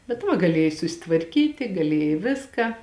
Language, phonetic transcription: Lithuanian, bet ˈva gaˈlėjai susitvarˈkyti gaˈlėjai ˈviską

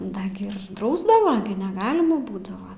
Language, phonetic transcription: Lithuanian, ˈda gi ir ˈdrausdava gi neˈgalima ˈbūdava

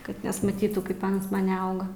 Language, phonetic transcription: Lithuanian, ˈkad nesmaˈtytų ˈkaip ˈans ˈman' neˈauga

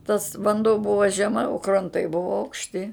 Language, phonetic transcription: Lithuanian, tas vanˈduo ˈbuvo žeˈma o kranˈtai ˈbuvo aukšˈti

